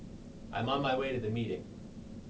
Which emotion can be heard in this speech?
neutral